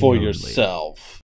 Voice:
movie trailer voice